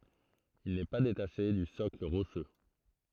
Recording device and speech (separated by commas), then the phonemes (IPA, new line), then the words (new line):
throat microphone, read sentence
il nɛ pa detaʃe dy sɔkl ʁoʃø
Il n’est pas détaché du socle rocheux.